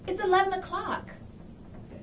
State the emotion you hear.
neutral